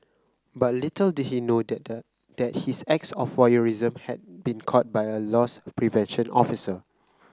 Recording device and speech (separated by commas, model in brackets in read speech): close-talking microphone (WH30), read sentence